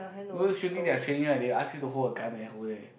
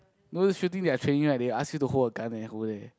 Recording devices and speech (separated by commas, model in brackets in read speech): boundary microphone, close-talking microphone, conversation in the same room